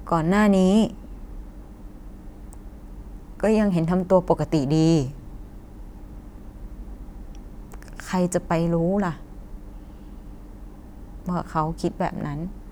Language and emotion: Thai, sad